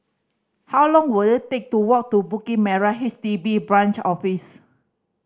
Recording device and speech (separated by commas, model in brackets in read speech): standing microphone (AKG C214), read sentence